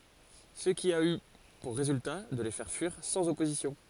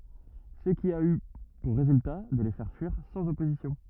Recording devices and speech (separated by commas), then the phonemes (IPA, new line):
forehead accelerometer, rigid in-ear microphone, read sentence
sə ki a y puʁ ʁezylta də le fɛʁ fyiʁ sɑ̃z ɔpozisjɔ̃